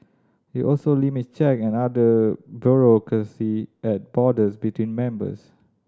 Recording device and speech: standing microphone (AKG C214), read sentence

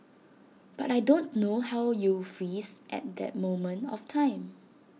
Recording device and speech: mobile phone (iPhone 6), read sentence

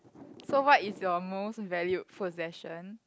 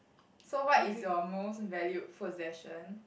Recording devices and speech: close-talking microphone, boundary microphone, conversation in the same room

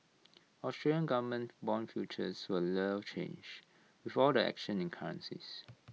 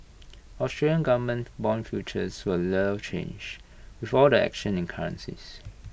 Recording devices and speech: mobile phone (iPhone 6), boundary microphone (BM630), read sentence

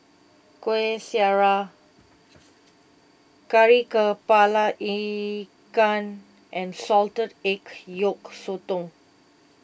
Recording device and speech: boundary microphone (BM630), read sentence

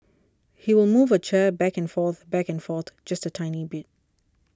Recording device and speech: standing microphone (AKG C214), read sentence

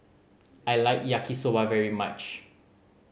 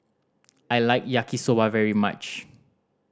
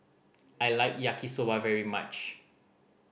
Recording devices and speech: mobile phone (Samsung C5010), standing microphone (AKG C214), boundary microphone (BM630), read sentence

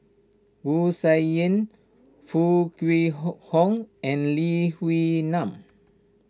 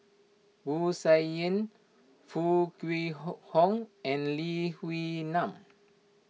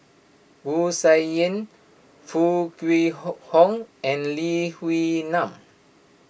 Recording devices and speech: standing microphone (AKG C214), mobile phone (iPhone 6), boundary microphone (BM630), read sentence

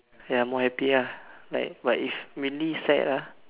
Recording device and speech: telephone, conversation in separate rooms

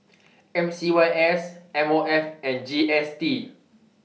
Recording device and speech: mobile phone (iPhone 6), read sentence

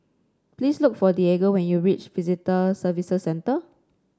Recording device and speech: standing microphone (AKG C214), read sentence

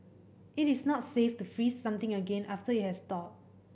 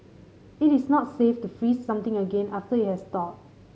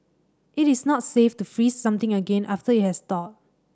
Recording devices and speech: boundary microphone (BM630), mobile phone (Samsung C5010), standing microphone (AKG C214), read sentence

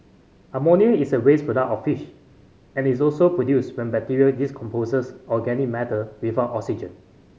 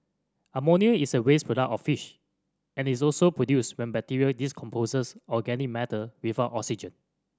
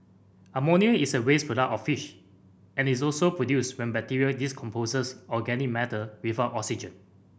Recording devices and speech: mobile phone (Samsung C5010), standing microphone (AKG C214), boundary microphone (BM630), read sentence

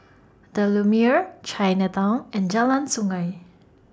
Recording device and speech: standing microphone (AKG C214), read sentence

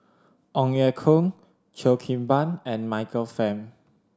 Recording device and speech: standing microphone (AKG C214), read sentence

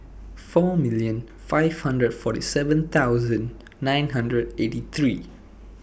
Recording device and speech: boundary microphone (BM630), read sentence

